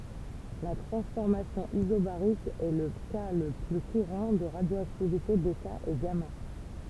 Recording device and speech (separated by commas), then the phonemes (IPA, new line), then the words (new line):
temple vibration pickup, read sentence
la tʁɑ̃sfɔʁmasjɔ̃ izobaʁik ɛ lə ka lə ply kuʁɑ̃ də ʁadjoaktivite bɛta e ɡama
La transformation isobarique est le cas le plus courant de radioactivité bêta et gamma.